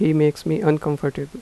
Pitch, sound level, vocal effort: 150 Hz, 84 dB SPL, normal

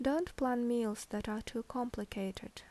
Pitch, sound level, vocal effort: 230 Hz, 75 dB SPL, normal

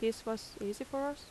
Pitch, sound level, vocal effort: 225 Hz, 81 dB SPL, normal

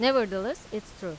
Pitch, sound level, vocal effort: 215 Hz, 90 dB SPL, loud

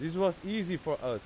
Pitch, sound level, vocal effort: 175 Hz, 94 dB SPL, very loud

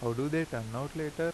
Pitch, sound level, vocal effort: 145 Hz, 85 dB SPL, normal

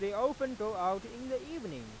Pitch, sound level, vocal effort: 215 Hz, 98 dB SPL, normal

